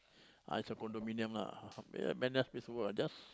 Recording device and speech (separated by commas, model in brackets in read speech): close-talking microphone, conversation in the same room